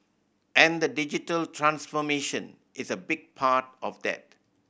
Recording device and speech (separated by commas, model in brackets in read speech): boundary microphone (BM630), read sentence